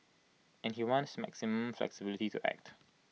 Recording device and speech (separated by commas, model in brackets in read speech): mobile phone (iPhone 6), read sentence